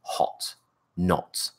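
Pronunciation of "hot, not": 'Hot' and 'not' are said with a British o vowel.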